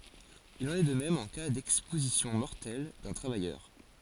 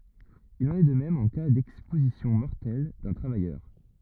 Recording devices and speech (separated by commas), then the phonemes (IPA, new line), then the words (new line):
forehead accelerometer, rigid in-ear microphone, read sentence
il ɑ̃n ɛ də mɛm ɑ̃ ka dɛkspozisjɔ̃ mɔʁtɛl dœ̃ tʁavajœʁ
Il en est de même en cas d'exposition mortelle d'un travailleur.